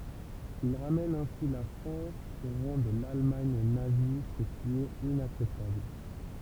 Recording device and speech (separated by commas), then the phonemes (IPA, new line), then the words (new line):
temple vibration pickup, read sentence
il ʁamɛn ɛ̃si la fʁɑ̃s o ʁɑ̃ də lalmaɲ nazi sə ki ɛt inaksɛptabl
Il ramène ainsi la France au rang de l’Allemagne nazie ce qui est inacceptable.